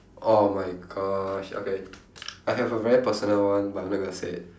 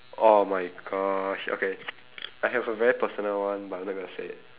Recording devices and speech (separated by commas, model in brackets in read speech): standing microphone, telephone, conversation in separate rooms